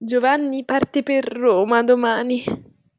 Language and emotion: Italian, disgusted